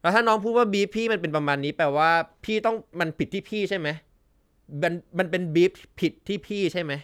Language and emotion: Thai, frustrated